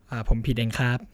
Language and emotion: Thai, neutral